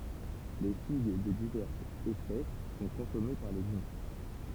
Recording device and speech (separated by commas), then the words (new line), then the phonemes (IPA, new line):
temple vibration pickup, read sentence
Les figues de diverses espèces sont consommées par les humains.
le fiɡ də divɛʁsz ɛspɛs sɔ̃ kɔ̃sɔme paʁ lez ymɛ̃